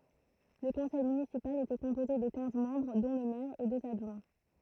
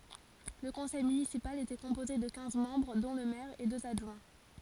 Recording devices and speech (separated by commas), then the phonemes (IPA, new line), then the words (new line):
throat microphone, forehead accelerometer, read sentence
lə kɔ̃sɛj mynisipal etɛ kɔ̃poze də kɛ̃z mɑ̃bʁ dɔ̃ lə mɛʁ e døz adʒwɛ̃
Le conseil municipal était composé de quinze membres dont le maire et deux adjoints.